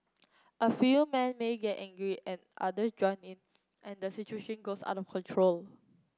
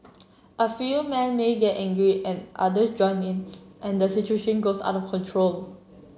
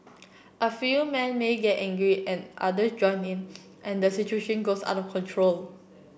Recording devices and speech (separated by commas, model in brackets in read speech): close-talking microphone (WH30), mobile phone (Samsung C7), boundary microphone (BM630), read sentence